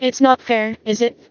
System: TTS, vocoder